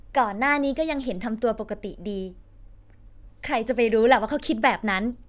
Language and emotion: Thai, happy